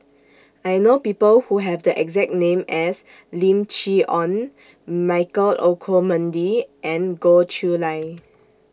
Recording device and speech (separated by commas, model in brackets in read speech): standing microphone (AKG C214), read sentence